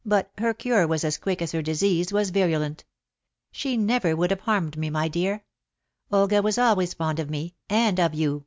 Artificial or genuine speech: genuine